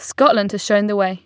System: none